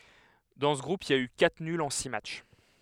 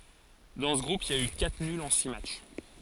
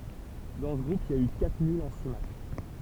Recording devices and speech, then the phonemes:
headset microphone, forehead accelerometer, temple vibration pickup, read sentence
dɑ̃ sə ɡʁup il i a y katʁ nylz ɑ̃ si matʃ

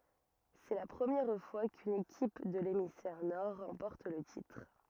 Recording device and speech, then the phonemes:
rigid in-ear microphone, read sentence
sɛ la pʁəmjɛʁ fwa kyn ekip də lemisfɛʁ nɔʁ ʁɑ̃pɔʁt lə titʁ

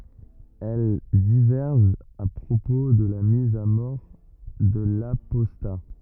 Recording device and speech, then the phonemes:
rigid in-ear microphone, read sentence
ɛl divɛʁʒt a pʁopo də la miz a mɔʁ də lapɔsta

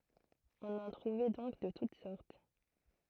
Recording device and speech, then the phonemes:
throat microphone, read sentence
ɔ̃n ɑ̃ tʁuvɛ dɔ̃k də tut sɔʁt

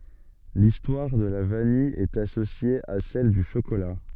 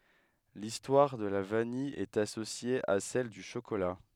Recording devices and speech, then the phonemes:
soft in-ear microphone, headset microphone, read sentence
listwaʁ də la vanij ɛt asosje a sɛl dy ʃokola

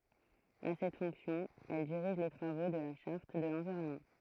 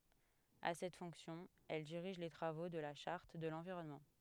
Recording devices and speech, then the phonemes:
throat microphone, headset microphone, read sentence
a sɛt fɔ̃ksjɔ̃ ɛl diʁiʒ le tʁavo də la ʃaʁt də lɑ̃viʁɔnmɑ̃

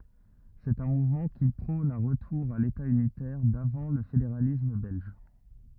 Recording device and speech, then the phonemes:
rigid in-ear microphone, read sentence
sɛt œ̃ muvmɑ̃ ki pʁɔ̃n œ̃ ʁətuʁ a leta ynitɛʁ davɑ̃ lə fedeʁalism bɛlʒ

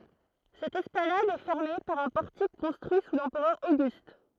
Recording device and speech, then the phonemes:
throat microphone, read sentence
sɛt ɛsplanad ɛ fɛʁme paʁ œ̃ pɔʁtik kɔ̃stʁyi su lɑ̃pʁœʁ oɡyst

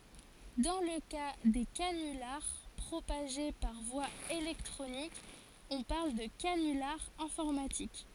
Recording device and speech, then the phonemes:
forehead accelerometer, read sentence
dɑ̃ lə ka de kanylaʁ pʁopaʒe paʁ vwa elɛktʁonik ɔ̃ paʁl də kanylaʁ ɛ̃fɔʁmatik

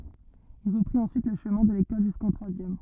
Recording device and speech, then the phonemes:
rigid in-ear microphone, read sentence
il ʁəpʁit ɑ̃syit lə ʃəmɛ̃ də lekɔl ʒyskɑ̃ tʁwazjɛm

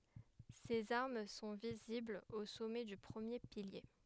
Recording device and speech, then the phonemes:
headset microphone, read sentence
sez aʁm sɔ̃ viziblz o sɔmɛ dy pʁəmje pilje

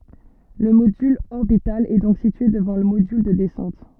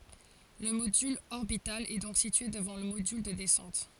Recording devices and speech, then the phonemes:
soft in-ear microphone, forehead accelerometer, read sentence
lə modyl ɔʁbital ɛ dɔ̃k sitye dəvɑ̃ lə modyl də dɛsɑ̃t

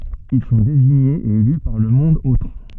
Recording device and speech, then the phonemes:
soft in-ear microphone, read sentence
il sɔ̃ deziɲez e ely paʁ lə mɔ̃d otʁ

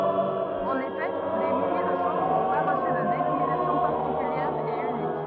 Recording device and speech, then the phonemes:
rigid in-ear microphone, read sentence
ɑ̃n efɛ de milje də ʃoz nɔ̃ pa ʁəsy də denominasjɔ̃ paʁtikyljɛʁ e ynik

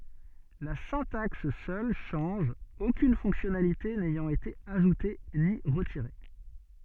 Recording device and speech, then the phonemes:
soft in-ear microphone, read sentence
la sɛ̃taks sœl ʃɑ̃ʒ okyn fɔ̃ksjɔnalite nɛjɑ̃t ete aʒute ni ʁətiʁe

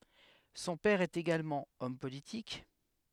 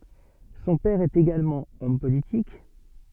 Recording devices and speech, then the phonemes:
headset microphone, soft in-ear microphone, read sentence
sɔ̃ pɛʁ ɛt eɡalmɑ̃ ɔm politik

